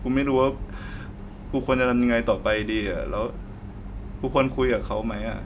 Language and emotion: Thai, sad